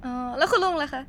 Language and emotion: Thai, happy